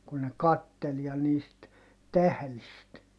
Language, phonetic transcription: Finnish, kun ne kattel ja niist , tählist .
- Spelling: kun ne katseli ja niistä tähdistä

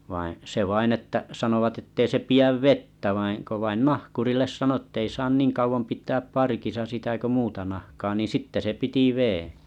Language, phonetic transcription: Finnish, vaḭ , 'se vain että’ , 'sanovat ettei se 'pi₍äv "vettä vaiŋ ko 'vain "nahkurilles 'sano ᵊttei 'saan 'niiŋ kauvom 'pit̆ääp 'parkisa sitä ko 'muuta nahkaa ni 'sitte se 'piti , veᵉ̰ .
- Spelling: vaan se vain että sanovat että ei se pidä vettä vaan kun vain nahkurille sanoi että ei saa niin kauan pitää parkissa sitä kuin muuta nahkaa niin sitten se piti veden

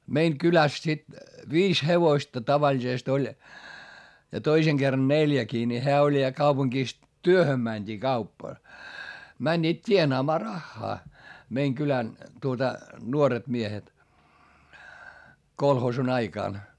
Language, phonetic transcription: Finnish, meiŋ kyläs sit , viis hevoⁱsta tavaĺisest ‿oĺ , ja toiseŋ Gerran neljäkii ni heä oĺ ja kaupuŋkìs , työhöm mäńD'ii kaupp- , mäńńiit t́ienaamaa raχχaa , meiŋ kylän , tuota , nuoret miehet , kolhoosun ‿aikàn .
- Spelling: meidän kylässä sitten viisi hevosta tavallisesti oli ja toisen kerran neljäkin niin hän oli ja kaupungissa työhön mentiin - menivät tienaamaan rahaa meidän kylän tuota nuoret miehet kolhoosin aikana

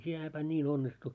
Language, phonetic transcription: Finnish, 'sinä päin 'ńin 'onnistu .
- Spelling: sinä päivänä niin onnistui

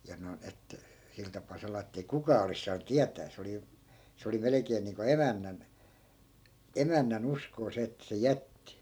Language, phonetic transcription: Finnish, ja 'noi̮n 'et , 'sil tap̆pà 'salaa ettei "kukaa olis saanᵘ 'tiätää 'se oli , 'se oli 'melekeen niiŋko "emännän , 'emännä'n ‿uskoo 'se että se "jätti .
- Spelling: ja noin että sillä tapaa salaa että ei kukaan olisi saanut tietää se oli se oli melkein niin kuin emännän emännän uskoa se että se jätti

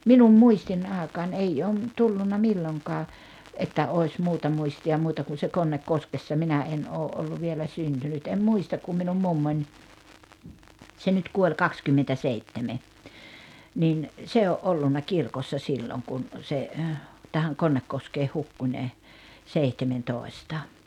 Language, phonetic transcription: Finnish, 'minum "muistin 'aaᵉkaan "eijj ‿oo ‿m- , "tullunna "milloŋkaa , että oi̬s 'muuta 'muisti₍a 'muuta kun̬ se "Konnek'koskessa 'minä 'en oo’ ’ollu vielä "syntynyt em "muistak kum minum 'mummoń , 'se nyt 'kuoĺ 'kakskymmentäseitteme , nin , 'se o’ '’ollunna 'kirkossa 'silloŋ kun , se , tähäŋ 'Konnekkoskeeh 'hukku ńe , 'seihtementòi̬sta .
- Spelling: minun muistini aikaan ei ole - tullut milloinkaan että olisi muuta muistia muuta kuin se Konnekoskessa minä en ole ollut vielä syntynyt en muista kun minun mummoni se nyt kuoli kaksikymmentäseitsemän niin se on ollut kirkossa silloin kun se tähän Konnekoskeen hukkui ne seitsemäntoista

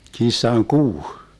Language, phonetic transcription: Finnish, 'kissaŋ "kuu .
- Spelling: kissan kuu

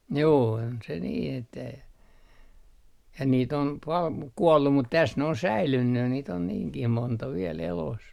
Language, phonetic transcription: Finnish, 'juu on se nii 'että , ja niit ‿om pal muk 'kuollu mut täs ne on "säilynny niit ‿on "niiŋkih 'monta viel elos .
- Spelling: juu on se niin että ja niitä on paljon mutta kuollut mutta tässä ne on säilynyt niitä on niinkin monta vielä elossa

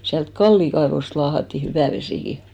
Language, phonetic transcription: Finnish, siält "Kallì 'kaevost 'laahatti 'hyvä̀ vesìki .
- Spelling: sieltä Kallin kaivosta laahattiin hyvä vesikin

